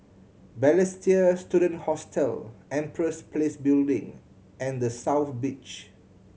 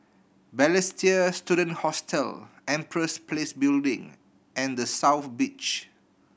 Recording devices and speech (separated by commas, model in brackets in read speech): mobile phone (Samsung C7100), boundary microphone (BM630), read sentence